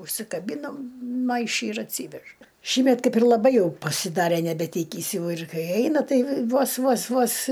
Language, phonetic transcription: Lithuanian, užsikaˈbynam ˈmaiši ir atˈsyvež ˈšįmet ˈkaip ir laˈbai ˈjau pasiˈdare nebeˈtykįs ˈjau ir ˈkai ˈeina ˈtai ˈvos ˈvos ˈvos

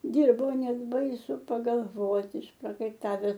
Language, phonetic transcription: Lithuanian, ˈdirbo ˈnet ˈbaisu pagalˈvoti išprakaiˈtaves

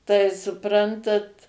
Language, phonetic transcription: Lithuanian, tai suˈprantat

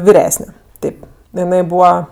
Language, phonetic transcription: Lithuanian, viˈresne ˈtėp jiˈai ˈbūva

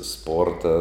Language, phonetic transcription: Lithuanian, ˈsporta

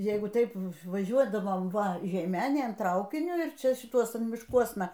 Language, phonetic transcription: Lithuanian, ˈjeigu ˈtaip vaˈžiuodavom ˈva žeiˈmenėn ˈtraukiniu ir ˈčia šiˈtuosun mišˈkuosna

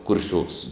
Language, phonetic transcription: Lithuanian, kurˈsiuoks

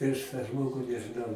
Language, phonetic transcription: Lithuanian, prieš tą ˈžmogu nežɨˈnau

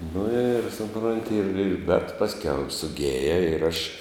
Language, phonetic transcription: Lithuanian, nu ir suˈpronti ir ir bet ˈpasˌkiau ir suˈgėja ir aš

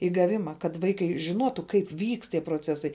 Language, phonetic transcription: Lithuanian, i gaˈvima kad ˈvaikai žiˈnuotu ˈkaip ˈvykst tie proˈcesai

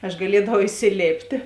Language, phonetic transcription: Lithuanian, aš gaˈliedavau isiˈlėptė

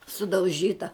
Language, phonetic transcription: Lithuanian, sudauˈžyta

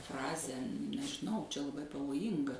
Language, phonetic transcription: Lithuanian, ˈfrazę nežiˈnau čia laˈbai pavoˈjynga

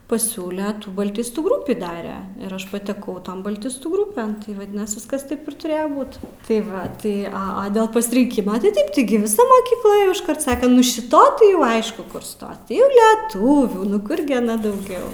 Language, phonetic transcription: Lithuanian, paˈsiūle balˈtistų ˈgrupį ˈdare ir ˈaš pateˈkau ˈton balˈtistų ˈgrupen vaˈdinas ˈviskas ˈtaip ir tuˈrėjo ˈbūt tai ˈva ˈtai ˈa a dėl pasirinˈkima tai ˈtaip tiˈgi viˈsa mokykˈla ˈėjo išˈkart ˈsake ˈnu šiˈta tai jau ˈaišku ˈkur ˈstos ˈį ˈliˈtūvių nu ˈkur gi aˈna dauˈgiau

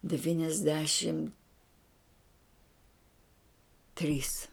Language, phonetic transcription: Lithuanian, devyniasˈdešim trys

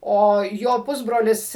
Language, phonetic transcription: Lithuanian, ˈo jo ˈpusbrolis

